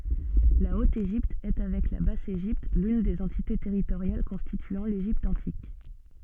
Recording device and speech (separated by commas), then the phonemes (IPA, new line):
soft in-ear microphone, read sentence
la ot eʒipt ɛ avɛk la bas eʒipt lyn de døz ɑ̃tite tɛʁitoʁjal kɔ̃stityɑ̃ leʒipt ɑ̃tik